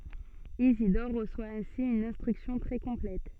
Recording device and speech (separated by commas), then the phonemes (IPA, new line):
soft in-ear microphone, read sentence
izidɔʁ ʁəswa ɛ̃si yn ɛ̃stʁyksjɔ̃ tʁɛ kɔ̃plɛt